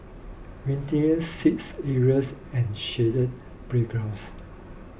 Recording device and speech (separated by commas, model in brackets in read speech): boundary microphone (BM630), read sentence